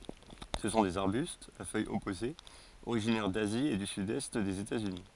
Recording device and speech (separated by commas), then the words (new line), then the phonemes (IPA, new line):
forehead accelerometer, read sentence
Ce sont des arbustes, à feuilles opposées, originaires d'Asie et du sud-est des États-Unis.
sə sɔ̃ dez aʁbystz a fœjz ɔpozez oʁiʒinɛʁ dazi e dy sydɛst dez etatsyni